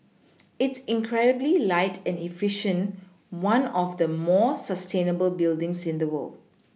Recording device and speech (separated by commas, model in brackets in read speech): mobile phone (iPhone 6), read sentence